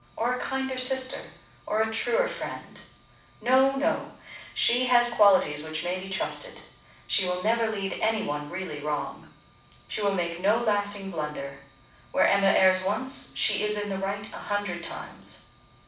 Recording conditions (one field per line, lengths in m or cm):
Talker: one person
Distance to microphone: 5.8 m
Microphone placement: far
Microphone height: 1.8 m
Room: medium-sized (5.7 m by 4.0 m)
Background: none